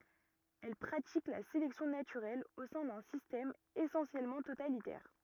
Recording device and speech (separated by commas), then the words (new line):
rigid in-ear microphone, read sentence
Elles pratiquent la sélection naturelle au sein d'un système essentiellement totalitaire.